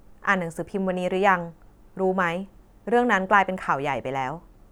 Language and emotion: Thai, neutral